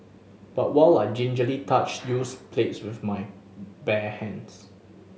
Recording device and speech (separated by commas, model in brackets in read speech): mobile phone (Samsung S8), read sentence